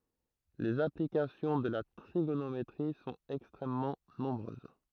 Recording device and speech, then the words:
throat microphone, read sentence
Les applications de la trigonométrie sont extrêmement nombreuses.

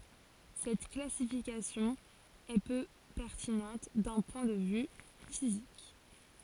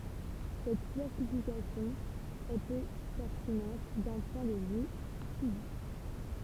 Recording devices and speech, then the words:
forehead accelerometer, temple vibration pickup, read sentence
Cette classification est peu pertinente d'un point de vue physique.

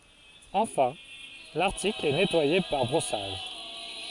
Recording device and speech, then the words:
forehead accelerometer, read sentence
Enfin, l’article est nettoyé par brossage.

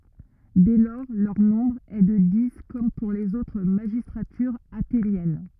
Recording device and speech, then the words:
rigid in-ear microphone, read sentence
Dès lors, leur nombre est de dix, comme pour les autres magistratures athéniennes.

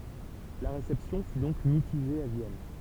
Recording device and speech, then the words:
temple vibration pickup, read sentence
La réception fut donc mitigée à Vienne.

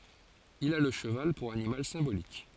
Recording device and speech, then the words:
forehead accelerometer, read sentence
Il a le cheval pour animal symbolique.

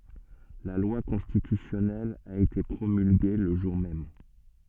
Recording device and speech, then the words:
soft in-ear microphone, read sentence
La loi constitutionnelle a été promulguée le jour même.

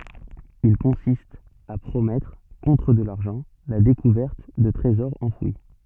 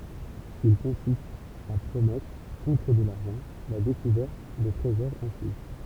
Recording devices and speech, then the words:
soft in-ear microphone, temple vibration pickup, read sentence
Il consiste à promettre, contre de l'argent, la découverte de trésors enfouis.

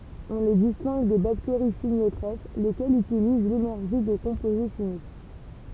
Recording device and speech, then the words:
temple vibration pickup, read sentence
On les distingue des bactéries chimiotrophes, lesquelles utilisent l'énergie de composés chimiques.

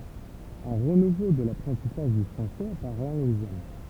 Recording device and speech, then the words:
temple vibration pickup, read sentence
Un renouveau de l'apprentissage du français apparaît en Louisiane.

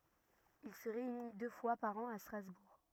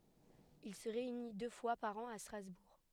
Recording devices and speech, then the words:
rigid in-ear microphone, headset microphone, read sentence
Il se réunit deux fois par an à Strasbourg.

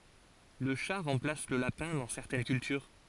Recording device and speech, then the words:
forehead accelerometer, read sentence
Le chat remplace le lapin dans certaines cultures.

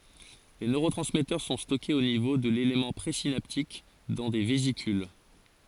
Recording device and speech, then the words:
forehead accelerometer, read sentence
Les neurotransmetteurs sont stockés au niveau de l'élément présynaptique dans des vésicules.

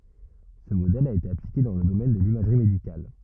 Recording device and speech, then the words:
rigid in-ear microphone, read sentence
Ce modèle a été appliqué dans le domaine de l'imagerie médicale.

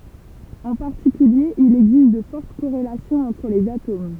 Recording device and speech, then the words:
temple vibration pickup, read sentence
En particulier, il existe de fortes corrélations entre les atomes.

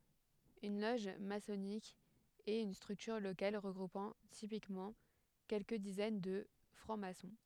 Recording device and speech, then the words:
headset microphone, read sentence
Une loge maçonnique est une structure locale regroupant typiquement quelques dizaines de francs-maçons.

